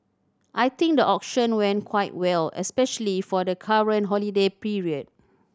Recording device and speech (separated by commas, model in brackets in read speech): standing microphone (AKG C214), read sentence